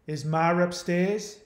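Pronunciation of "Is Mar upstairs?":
This is said in a New England accent, and the R sounds are not pronounced.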